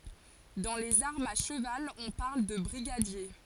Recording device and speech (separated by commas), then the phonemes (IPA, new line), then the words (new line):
forehead accelerometer, read sentence
dɑ̃ lez aʁmz a ʃəval ɔ̃ paʁl də bʁiɡadje
Dans les armes à cheval on parle de brigadier.